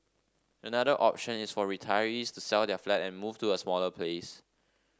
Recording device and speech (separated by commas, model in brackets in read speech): standing microphone (AKG C214), read sentence